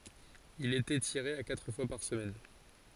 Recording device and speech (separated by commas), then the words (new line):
forehead accelerometer, read sentence
Il était tiré à quatre fois par semaine.